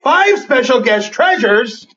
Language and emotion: English, surprised